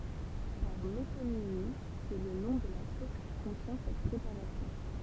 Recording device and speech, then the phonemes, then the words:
temple vibration pickup, read sentence
paʁ metonimi sɛ lə nɔ̃ də la sos ki kɔ̃tjɛ̃ sɛt pʁepaʁasjɔ̃
Par métonymie, c'est le nom de la sauce qui contient cette préparation.

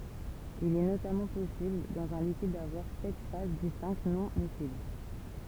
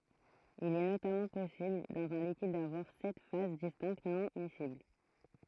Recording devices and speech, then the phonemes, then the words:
temple vibration pickup, throat microphone, read sentence
il ɛ notamɑ̃ pɔsibl dɑ̃z œ̃ likid davwaʁ sɛt faz distɛ̃kt nɔ̃ misibl
Il est notamment possible dans un liquide d'avoir sept phases distinctes non-miscibles.

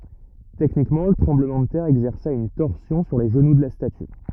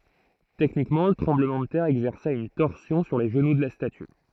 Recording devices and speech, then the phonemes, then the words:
rigid in-ear microphone, throat microphone, read sentence
tɛknikmɑ̃ lə tʁɑ̃bləmɑ̃ də tɛʁ ɛɡzɛʁsa yn tɔʁsjɔ̃ syʁ le ʒənu də la staty
Techniquement, le tremblement de terre exerça une torsion sur les genoux de la statue.

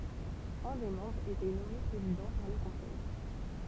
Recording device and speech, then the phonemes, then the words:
temple vibration pickup, read sentence
œ̃ de mɑ̃bʁz etɛ nɔme pʁezidɑ̃ paʁ lə kɔ̃sɛj
Un des membres était nommé Président par le Conseil.

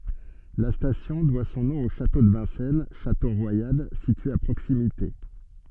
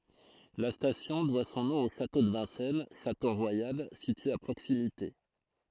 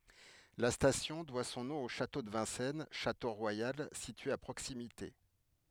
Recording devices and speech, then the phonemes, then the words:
soft in-ear microphone, throat microphone, headset microphone, read sentence
la stasjɔ̃ dwa sɔ̃ nɔ̃ o ʃato də vɛ̃sɛn ʃato ʁwajal sitye a pʁoksimite
La station doit son nom au château de Vincennes, château royal, situé à proximité.

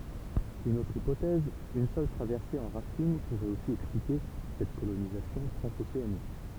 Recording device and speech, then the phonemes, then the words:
temple vibration pickup, read sentence
yn otʁ ipotɛz yn sœl tʁavɛʁse ɑ̃ ʁaftinɡ puʁɛt osi ɛksplike sɛt kolonizasjɔ̃ tʁɑ̃zoseanik
Une autre hypothèse, une seule traversée en rafting pourrait aussi expliquer cette colonisation transocéanique.

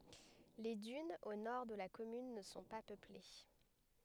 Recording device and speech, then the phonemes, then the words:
headset microphone, read sentence
le dynz o nɔʁ də la kɔmyn nə sɔ̃ pa pøple
Les dunes au nord de la commune ne sont pas peuplées.

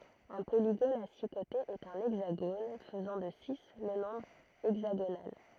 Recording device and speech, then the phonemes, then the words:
throat microphone, read sentence
œ̃ poliɡon a si kotez ɛt œ̃ ɛɡzaɡon fəzɑ̃ də si lə nɔ̃bʁ ɛɡzaɡonal
Un polygone à six côtés est un hexagone, faisant de six le nombre hexagonal.

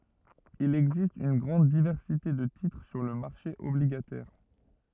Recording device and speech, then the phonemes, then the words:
rigid in-ear microphone, read sentence
il ɛɡzist yn ɡʁɑ̃d divɛʁsite də titʁ syʁ lə maʁʃe ɔbliɡatɛʁ
Il existe une grande diversité de titres sur le marché obligataire.

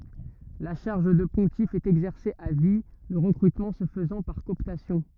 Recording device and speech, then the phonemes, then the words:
rigid in-ear microphone, read sentence
la ʃaʁʒ də pɔ̃tif ɛt ɛɡzɛʁse a vi lə ʁəkʁytmɑ̃ sə fəzɑ̃ paʁ kɔɔptasjɔ̃
La charge de pontife est exercée à vie, le recrutement se faisant par cooptation.

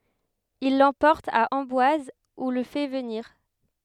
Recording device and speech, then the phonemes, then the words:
headset microphone, read sentence
il lɑ̃pɔʁt a ɑ̃bwaz u lə fɛ vəniʁ
Il l’emporte à Amboise où le fait venir.

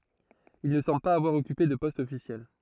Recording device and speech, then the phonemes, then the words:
throat microphone, read sentence
il nə sɑ̃bl paz avwaʁ ɔkype də pɔst ɔfisjɛl
Il ne semble pas avoir occupé de poste officiel.

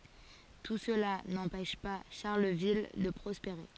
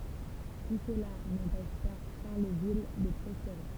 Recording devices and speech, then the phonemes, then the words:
forehead accelerometer, temple vibration pickup, read sentence
tu səla nɑ̃pɛʃ pa ʃaʁləvil də pʁɔspeʁe
Tout cela n'empêche pas Charleville de prospérer.

